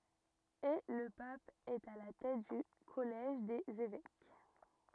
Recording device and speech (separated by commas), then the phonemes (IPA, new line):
rigid in-ear microphone, read sentence
e lə pap ɛt a la tɛt dy kɔlɛʒ dez evɛk